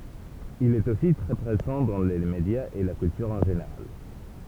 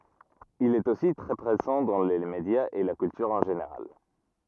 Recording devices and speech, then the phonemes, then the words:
temple vibration pickup, rigid in-ear microphone, read sentence
il ɛt osi tʁɛ pʁezɑ̃ dɑ̃ le medjaz e la kyltyʁ ɑ̃ ʒeneʁal
Il est aussi très présent dans les médias et la culture en général.

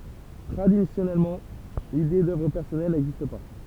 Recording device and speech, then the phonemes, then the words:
temple vibration pickup, read sentence
tʁadisjɔnɛlmɑ̃ lide dœvʁ pɛʁsɔnɛl nɛɡzist pa
Traditionnellement, l'idée d'œuvre personnelle n'existe pas.

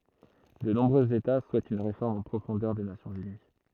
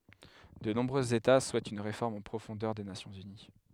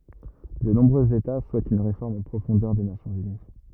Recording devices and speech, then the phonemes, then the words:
throat microphone, headset microphone, rigid in-ear microphone, read sentence
də nɔ̃bʁøz eta suɛtt yn ʁefɔʁm ɑ̃ pʁofɔ̃dœʁ de nasjɔ̃z yni
De nombreux États souhaitent une réforme en profondeur des Nations unies.

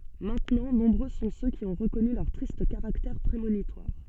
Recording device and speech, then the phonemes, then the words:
soft in-ear microphone, read sentence
mɛ̃tnɑ̃ nɔ̃bʁø sɔ̃ sø ki ɔ̃ ʁəkɔny lœʁ tʁist kaʁaktɛʁ pʁemonitwaʁ
Maintenant, nombreux sont ceux qui ont reconnu leur triste caractère prémonitoire.

